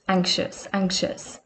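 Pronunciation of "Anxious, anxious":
In 'anxious', the x is said as a ch sound, with a small g sound just before it.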